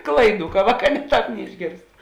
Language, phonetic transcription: Lithuanian, ˈklaiˌdų ka ˈvāˌkā ne ˈtāp neišˈgėrst

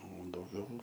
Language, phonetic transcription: Lithuanian, o dauˈgiau

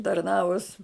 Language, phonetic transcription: Lithuanian, tarˈnavus

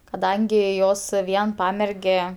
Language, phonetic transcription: Lithuanian, kaˈdangi ˈjos ˈvien ˈpamerge

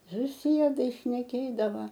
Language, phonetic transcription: Lithuanian, suˈsiedai šneˈkėdava

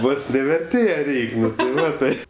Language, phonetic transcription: Lithuanian, ˈvos ne verˈtėje ˈreik' ˈnu ti ˈva ˈtai

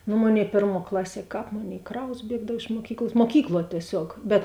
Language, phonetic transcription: Lithuanian, nu ˈmoˌnėi ˈpėrˌmuo ˈklaˌsie ˈkāp ˈmoˌnėi ˈkraus ˈbiegdav iš muoˈkykls muoˈkykluo tieˈsiog bet

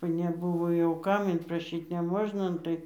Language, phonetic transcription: Lithuanian, va neˈbuvo jau ˈkam inpraˈšyt neˈmožna ˈnu tai

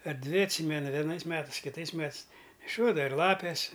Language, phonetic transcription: Lithuanian, ar ˈdvi atˈsymenu veˈnais ˈmetais kiˈtais ˈmetɨs neˈšiodava ir ˈlapės

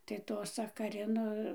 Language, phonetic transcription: Lithuanian, tai ˈto sakaˈrino

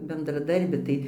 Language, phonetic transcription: Lithuanian, bendraˈdarbi ˈtai

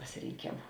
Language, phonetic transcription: Lithuanian, pasiˈrėnkėmu

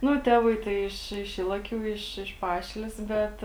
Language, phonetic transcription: Lithuanian, ˈnu ˈtevai tai ˈiš iš ylaˈkių iš iš ˈpašilės ˈbet

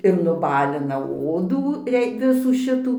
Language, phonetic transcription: Lithuanian, ir nuˈbalina ˈodų ˈrei ˈvisų ˈšitų

